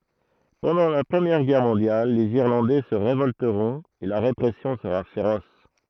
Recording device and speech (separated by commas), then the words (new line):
throat microphone, read sentence
Pendant la Première Guerre mondiale, les Irlandais se révolteront et la répression sera féroce.